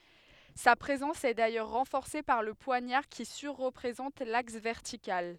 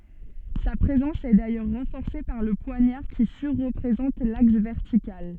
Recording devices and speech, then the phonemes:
headset microphone, soft in-ear microphone, read sentence
sa pʁezɑ̃s ɛ dajœʁ ʁɑ̃fɔʁse paʁ lə pwaɲaʁ ki syʁ ʁəpʁezɑ̃t laks vɛʁtikal

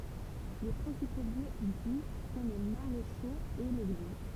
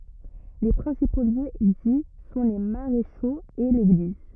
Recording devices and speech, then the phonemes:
temple vibration pickup, rigid in-ear microphone, read sentence
le pʁɛ̃sipo ljø di sɔ̃ le maʁeʃoz e leɡliz

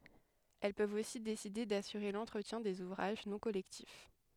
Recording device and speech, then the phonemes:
headset microphone, read sentence
ɛl pøvt osi deside dasyʁe lɑ̃tʁətjɛ̃ dez uvʁaʒ nɔ̃ kɔlɛktif

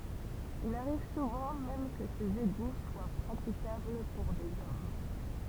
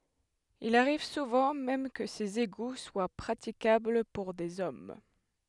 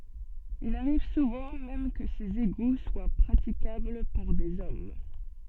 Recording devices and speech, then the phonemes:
temple vibration pickup, headset microphone, soft in-ear microphone, read sentence
il aʁiv suvɑ̃ mɛm kə sez eɡu swa pʁatikabl puʁ dez ɔm

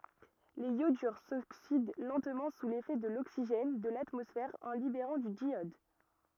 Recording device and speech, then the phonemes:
rigid in-ear microphone, read sentence
lez jodyʁ soksid lɑ̃tmɑ̃ su lefɛ də loksiʒɛn də latmɔsfɛʁ ɑ̃ libeʁɑ̃ dy djjɔd

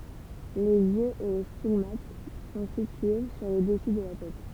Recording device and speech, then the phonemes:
temple vibration pickup, read sentence
lez jøz e le stiɡmat sɔ̃ sitye syʁ lə dəsy də la tɛt

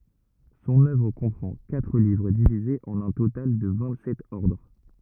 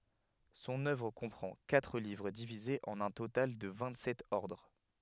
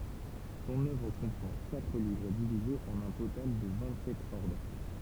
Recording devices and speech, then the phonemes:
rigid in-ear microphone, headset microphone, temple vibration pickup, read sentence
sɔ̃n œvʁ kɔ̃pʁɑ̃ katʁ livʁ divizez ɑ̃n œ̃ total də vɛ̃t sɛt ɔʁdʁ

